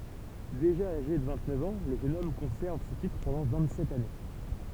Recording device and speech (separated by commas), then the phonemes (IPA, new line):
temple vibration pickup, read sentence
deʒa aʒe də vɛ̃ɡtnœf ɑ̃ lə ʒøn ɔm kɔ̃sɛʁv sə titʁ pɑ̃dɑ̃ vɛ̃ɡtsɛt ane